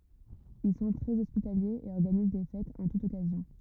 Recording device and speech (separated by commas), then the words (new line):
rigid in-ear microphone, read sentence
Ils sont très hospitaliers et organisent des fêtes en toute occasion.